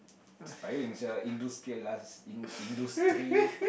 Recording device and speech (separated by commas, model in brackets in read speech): boundary microphone, conversation in the same room